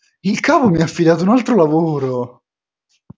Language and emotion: Italian, happy